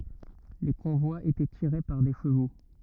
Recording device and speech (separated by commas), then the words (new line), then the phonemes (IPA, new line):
rigid in-ear microphone, read sentence
Les convois étaient tirés par des chevaux.
le kɔ̃vwaz etɛ tiʁe paʁ de ʃəvo